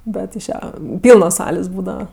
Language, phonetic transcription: Lithuanian, ˈbet iš ˈja ˈpylnos ˈsalės ˈbūdava

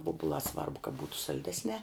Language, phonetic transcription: Lithuanian, ˈvobulā ˈsvarbu ka ˈbūtu salˈdesniā

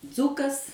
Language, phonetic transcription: Lithuanian, ˈdzukas

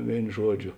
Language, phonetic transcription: Lithuanian, ˈvėin ˈžuoˌdžio

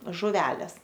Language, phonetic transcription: Lithuanian, žuˈvelės

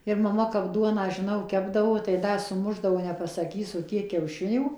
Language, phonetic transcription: Lithuanian, ir maˈma kap ˈduoną žiˈnau ˈkepdavo tai ˈda suˈmušdavo nepasaˈkysu ˈkiek kiauˈšinių

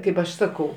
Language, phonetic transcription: Lithuanian, ˈkaip aš ˈsakau

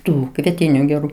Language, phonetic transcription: Lithuanian, ˈtų kvieˈtinių geˈrų

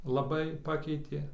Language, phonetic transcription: Lithuanian, laˈbai ˈpakeitė

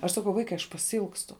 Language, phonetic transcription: Lithuanian, aš saˈkau ˈvaikai aš pasiˈilgstu

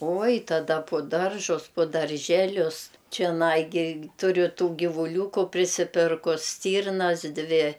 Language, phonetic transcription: Lithuanian, ˈoj taˈda pu ˈdaržus pu dar ˈželius čeˈnai gi ˈturiu ˈtų givūˈliūku prisiˈpirkus ˈstyrnas ˈdvi

